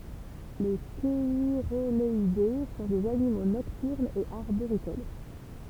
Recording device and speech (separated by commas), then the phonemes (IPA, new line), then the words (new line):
temple vibration pickup, read sentence
le ʃɛʁoɡalɛde sɔ̃ dez animo nɔktyʁnz e aʁboʁikol
Les cheirogaleidés sont des animaux nocturnes et arboricoles.